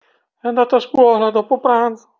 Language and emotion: Italian, fearful